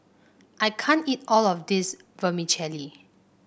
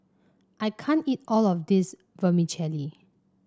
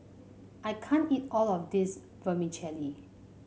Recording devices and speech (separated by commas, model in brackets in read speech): boundary microphone (BM630), standing microphone (AKG C214), mobile phone (Samsung C5), read sentence